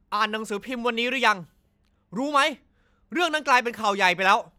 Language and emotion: Thai, angry